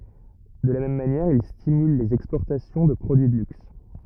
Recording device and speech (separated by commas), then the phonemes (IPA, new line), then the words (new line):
rigid in-ear microphone, read sentence
də la mɛm manjɛʁ il stimyl lez ɛkspɔʁtasjɔ̃ də pʁodyi də lyks
De la même manière, il stimule les exportations de produits de luxe.